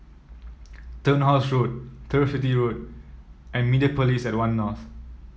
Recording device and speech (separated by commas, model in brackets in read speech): mobile phone (iPhone 7), read sentence